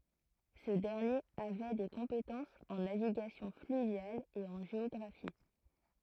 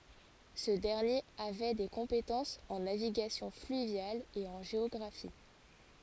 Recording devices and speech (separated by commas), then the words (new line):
throat microphone, forehead accelerometer, read sentence
Ce dernier avait des compétences en navigation fluviale et en géographie.